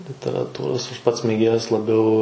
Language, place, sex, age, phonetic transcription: Lithuanian, Suvalkija, male, 18-60, literaˈtūros ˈaš ˈpats mėˈgėjas laˈbiau

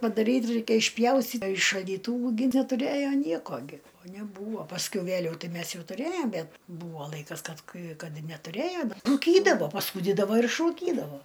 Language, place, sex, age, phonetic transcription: Lithuanian, Aukštaitija, female, 60+, padaˈryt ˈraikia išˈpjausty i šaldyˈtūvu gi netuˈrėjo ˈnieko gi o neˈbūvo pasˈkiau ˈveliau ˈtai ˈmes ˈjau tuˈrėjom ˈbet ˈbūvo ˈlaikas ˈkad ˈkai ˈkad netuˈrėjo da rūˈkydavo paˈsūdydavo ir išrūˈkydavo

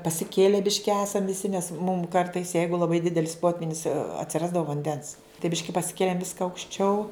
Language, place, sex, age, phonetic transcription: Lithuanian, Žemaitija, female, 60+, pasiˈkėle ˈbiški ˈesam viˈsi nes mum ˈkartais ˈjeigu laˈbai ˈdidelis ˈpotvynis atsiˈrasdavo vanˈdens tai ˈbiški pasiˈkėlėm ˈviska aukšˈčiau

